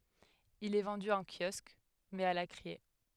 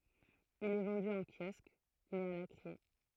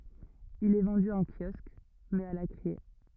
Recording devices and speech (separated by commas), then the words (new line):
headset microphone, throat microphone, rigid in-ear microphone, read sentence
Il est vendu en kiosque, mais à la criée.